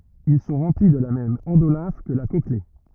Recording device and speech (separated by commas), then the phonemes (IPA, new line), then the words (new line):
rigid in-ear microphone, read sentence
il sɔ̃ ʁɑ̃pli də la mɛm ɑ̃dolɛ̃f kə la kɔkle
Ils sont remplis de la même endolymphe que la cochlée.